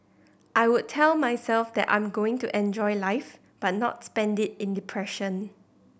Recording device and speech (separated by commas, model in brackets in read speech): boundary microphone (BM630), read sentence